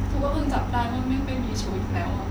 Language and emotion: Thai, sad